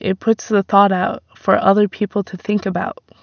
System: none